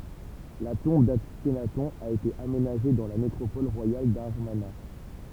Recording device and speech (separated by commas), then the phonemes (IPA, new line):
temple vibration pickup, read sentence
la tɔ̃b daknatɔ̃ a ete amenaʒe dɑ̃ la nekʁopɔl ʁwajal damaʁna